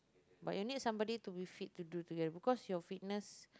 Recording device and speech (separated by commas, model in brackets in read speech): close-talking microphone, conversation in the same room